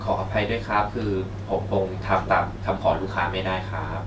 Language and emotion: Thai, frustrated